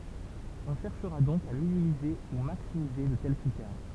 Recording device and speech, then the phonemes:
temple vibration pickup, read sentence
ɔ̃ ʃɛʁʃʁa dɔ̃k a minimize u maksimize də tɛl kʁitɛʁ

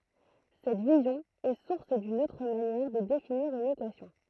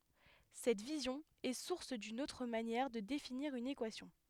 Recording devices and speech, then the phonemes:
throat microphone, headset microphone, read sentence
sɛt vizjɔ̃ ɛ suʁs dyn otʁ manjɛʁ də definiʁ yn ekwasjɔ̃

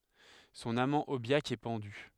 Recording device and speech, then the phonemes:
headset microphone, read sentence
sɔ̃n amɑ̃ objak ɛ pɑ̃dy

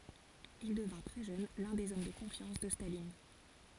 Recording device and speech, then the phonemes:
forehead accelerometer, read sentence
il dəvɛ̃ tʁɛ ʒøn lœ̃ dez ɔm də kɔ̃fjɑ̃s də stalin

